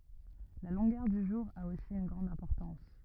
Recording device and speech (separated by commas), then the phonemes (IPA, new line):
rigid in-ear microphone, read sentence
la lɔ̃ɡœʁ dy ʒuʁ a osi yn ɡʁɑ̃d ɛ̃pɔʁtɑ̃s